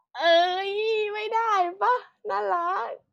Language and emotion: Thai, happy